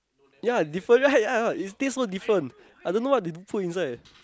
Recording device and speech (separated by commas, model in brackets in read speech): close-talking microphone, conversation in the same room